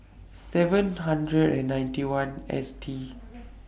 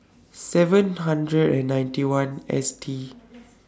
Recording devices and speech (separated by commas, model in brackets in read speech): boundary microphone (BM630), standing microphone (AKG C214), read sentence